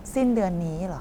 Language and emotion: Thai, neutral